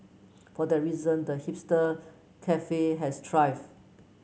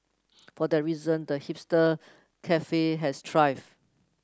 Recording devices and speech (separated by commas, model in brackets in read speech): mobile phone (Samsung C9), close-talking microphone (WH30), read sentence